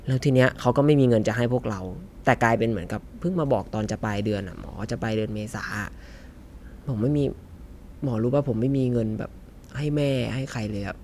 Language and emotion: Thai, frustrated